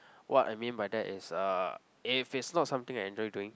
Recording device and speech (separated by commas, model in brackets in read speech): close-talking microphone, conversation in the same room